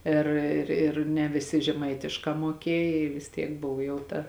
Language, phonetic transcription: Lithuanian, ˈir ir ir ne viˈsi žeˈmaitiškā muoˈkiej i vis ˈtiek ˈbov jau ˈta

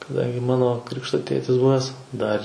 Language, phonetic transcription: Lithuanian, kaˈdangi ˈmano ˈkrikšto ˈtėtis ˈbuvęs ˈdar

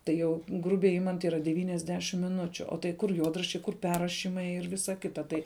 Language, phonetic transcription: Lithuanian, ˈtai jau ˈgrubiai ˈimant ˈyra devyniasˈdešim miˈnučiu o tai ˈkur ˈjuodraščiai ˈkur ˈperrašymai ir ˈvisa ˈkita ˈtai

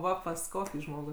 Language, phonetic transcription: Lithuanian, ˈva pas ˈkokį ˈžmogų

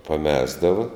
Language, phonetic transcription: Lithuanian, paˈmesdava

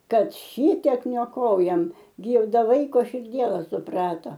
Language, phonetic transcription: Lithuanian, ˈkad ˈšitek nioˈkojam ˈgi i ˈda ˈvaiko širˈdiela suˈprata

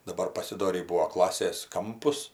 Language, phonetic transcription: Lithuanian, daˈbar pasiˈdorį ˈbūvo ˈklasės ˈkampus

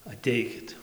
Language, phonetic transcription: Lithuanian, aˈteikit

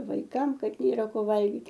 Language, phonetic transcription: Lithuanian, vaiˈkam ˈkad ˈnėra ˈko ˈvalgyt'

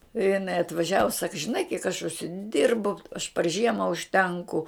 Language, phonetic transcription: Lithuanian, i jiˈnai atvaˈžiavu sak žiˈnai kiek aš užsiˈdirbu aš par ˈžiema užˈtenku

